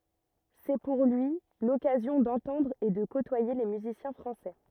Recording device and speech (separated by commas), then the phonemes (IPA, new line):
rigid in-ear microphone, read sentence
sɛ puʁ lyi lɔkazjɔ̃ dɑ̃tɑ̃dʁ e də kotwaje le myzisjɛ̃ fʁɑ̃sɛ